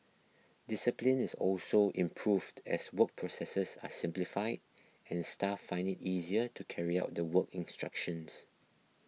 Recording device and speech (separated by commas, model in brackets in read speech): mobile phone (iPhone 6), read sentence